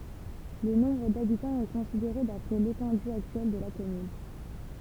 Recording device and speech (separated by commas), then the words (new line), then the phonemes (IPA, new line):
temple vibration pickup, read sentence
Le nombre d'habitants est considéré d'après l'étendue actuelle de la commune.
lə nɔ̃bʁ dabitɑ̃z ɛ kɔ̃sideʁe dapʁɛ letɑ̃dy aktyɛl də la kɔmyn